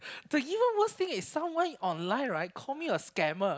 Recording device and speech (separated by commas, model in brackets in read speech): close-talking microphone, conversation in the same room